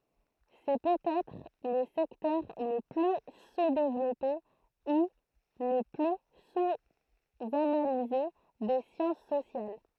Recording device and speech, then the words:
throat microphone, read sentence
C'est peut-être le secteur le plus sous-développé ou le plus sous-analysé des sciences sociales.

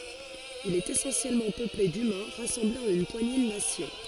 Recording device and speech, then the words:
forehead accelerometer, read sentence
Il est essentiellement peuplé d'humains rassemblés en une poignée de nations.

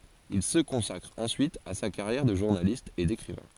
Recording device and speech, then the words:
forehead accelerometer, read sentence
Il se consacre ensuite à sa carrière de journaliste et d'écrivain.

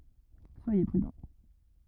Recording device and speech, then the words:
rigid in-ear microphone, read sentence
Soyez prudents.

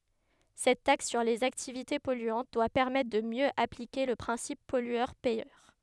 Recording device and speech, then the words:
headset microphone, read sentence
Cette taxe sur les activités polluantes doit permettre de mieux appliquer le principe pollueur-payeur.

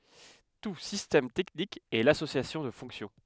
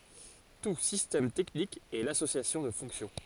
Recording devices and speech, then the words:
headset microphone, forehead accelerometer, read sentence
Tout système technique est l'association de fonctions.

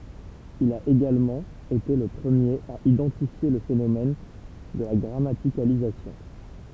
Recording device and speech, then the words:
temple vibration pickup, read sentence
Il a également été le premier à identifier le phénomène de la grammaticalisation.

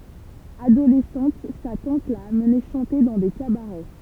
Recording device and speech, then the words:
temple vibration pickup, read sentence
Adolescente, sa tante l'a amené chanter dans des cabarets.

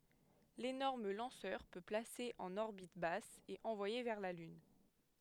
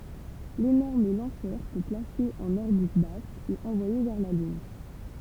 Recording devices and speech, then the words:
headset microphone, temple vibration pickup, read sentence
L'énorme lanceur peut placer en orbite basse et envoyer vers la Lune.

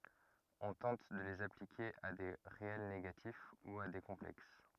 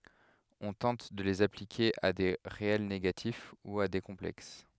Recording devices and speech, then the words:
rigid in-ear microphone, headset microphone, read sentence
On tente de les appliquer à des réels négatifs ou à des complexes.

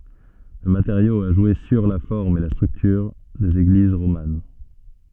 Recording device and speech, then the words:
soft in-ear microphone, read sentence
Le matériau a joué sur la forme et la structure des églises romanes.

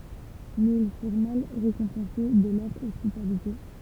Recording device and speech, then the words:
temple vibration pickup, read sentence
Mais ils furent mal récompensés de leur hospitalité.

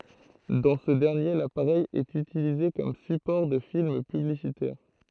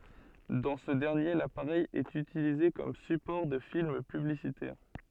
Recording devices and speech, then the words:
throat microphone, soft in-ear microphone, read sentence
Dans ce dernier, l'appareil est utilisé comme support de films publicitaires.

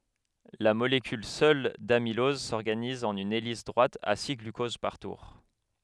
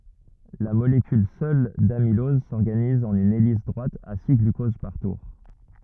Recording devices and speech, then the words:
headset microphone, rigid in-ear microphone, read sentence
La molécule seule d'amylose s'organise en une hélice droite à six glucoses par tour.

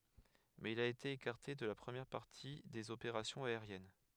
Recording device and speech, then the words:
headset microphone, read sentence
Mais il a été écarté de la première partie des opérations aériennes.

